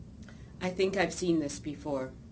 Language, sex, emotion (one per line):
English
female
neutral